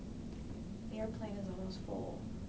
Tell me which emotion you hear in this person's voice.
sad